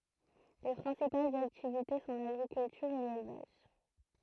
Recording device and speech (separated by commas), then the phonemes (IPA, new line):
throat microphone, read sentence
le pʁɛ̃sipalz aktivite sɔ̃ laɡʁikyltyʁ e lelvaʒ